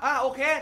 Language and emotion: Thai, angry